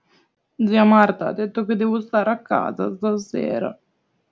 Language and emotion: Italian, sad